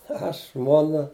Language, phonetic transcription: Lithuanian, ˈaš ˈžmuona

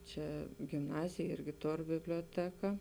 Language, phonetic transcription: Lithuanian, ˈčia gimˈnazėj ˈirgi ˈtor bibliuoˈteka

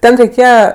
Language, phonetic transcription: Lithuanian, ˈten reiˈkėja

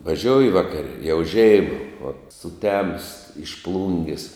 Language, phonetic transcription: Lithuanian, vaˈžiouji ˈvakare jau ˈžeima va suˈtemus iš ˈplungis

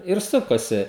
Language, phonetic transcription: Lithuanian, ir ˈsukasi

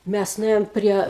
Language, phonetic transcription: Lithuanian, ˈmæs nuˈėjom ˈprie

